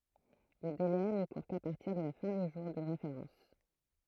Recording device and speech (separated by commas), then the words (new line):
throat microphone, read sentence
Le délai ne court qu'à partir de la fin du jour de référence.